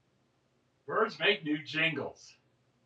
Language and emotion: English, happy